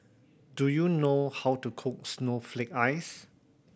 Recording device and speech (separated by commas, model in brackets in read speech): boundary microphone (BM630), read sentence